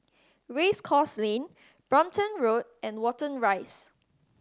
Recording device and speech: standing microphone (AKG C214), read sentence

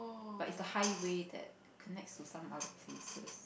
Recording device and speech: boundary microphone, conversation in the same room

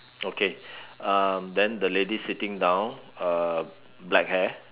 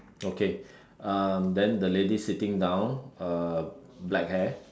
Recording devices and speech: telephone, standing microphone, conversation in separate rooms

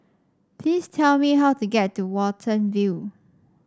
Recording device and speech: standing microphone (AKG C214), read sentence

